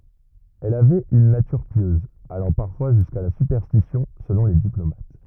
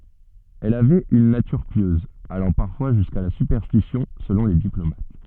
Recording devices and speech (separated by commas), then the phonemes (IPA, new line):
rigid in-ear microphone, soft in-ear microphone, read sentence
ɛl avɛt yn natyʁ pjøz alɑ̃ paʁfwa ʒyska la sypɛʁstisjɔ̃ səlɔ̃ le diplomat